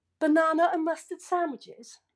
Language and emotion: English, disgusted